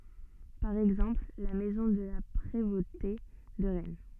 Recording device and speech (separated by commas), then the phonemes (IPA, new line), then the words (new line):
soft in-ear microphone, read sentence
paʁ ɛɡzɑ̃pl la mɛzɔ̃ də la pʁevote də ʁɛn
Par exemple, la maison de la Prévôté de Rennes.